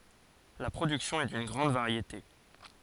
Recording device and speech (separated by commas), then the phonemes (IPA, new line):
forehead accelerometer, read sentence
la pʁodyksjɔ̃ ɛ dyn ɡʁɑ̃d vaʁjete